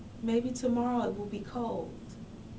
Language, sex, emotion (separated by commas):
English, female, sad